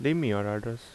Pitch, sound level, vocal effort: 115 Hz, 81 dB SPL, normal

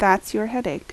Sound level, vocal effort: 79 dB SPL, normal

